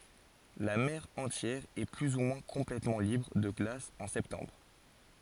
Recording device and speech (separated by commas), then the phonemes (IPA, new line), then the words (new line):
forehead accelerometer, read sentence
la mɛʁ ɑ̃tjɛʁ ɛ ply u mwɛ̃ kɔ̃plɛtmɑ̃ libʁ də ɡlas ɑ̃ sɛptɑ̃bʁ
La mer entière est plus ou moins complètement libre de glace en septembre.